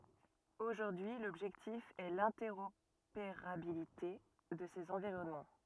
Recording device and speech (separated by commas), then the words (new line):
rigid in-ear microphone, read sentence
Aujourd'hui, l'objectif est l'interopérabilité de ces environnements.